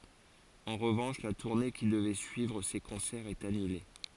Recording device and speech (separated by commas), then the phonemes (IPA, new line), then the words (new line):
forehead accelerometer, read sentence
ɑ̃ ʁəvɑ̃ʃ la tuʁne ki dəvɛ syivʁ se kɔ̃sɛʁz ɛt anyle
En revanche, la tournée qui devait suivre ces concerts est annulée.